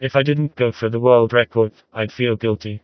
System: TTS, vocoder